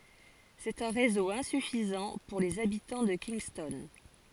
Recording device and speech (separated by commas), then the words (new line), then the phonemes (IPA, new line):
forehead accelerometer, read sentence
C'est un réseau insuffisant pour les habitants de Kingston.
sɛt œ̃ ʁezo ɛ̃syfizɑ̃ puʁ lez abitɑ̃ də kinstɔn